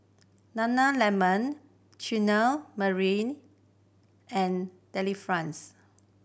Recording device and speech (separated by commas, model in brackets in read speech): boundary microphone (BM630), read sentence